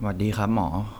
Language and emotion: Thai, neutral